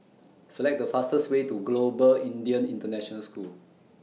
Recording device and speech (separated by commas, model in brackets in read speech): mobile phone (iPhone 6), read sentence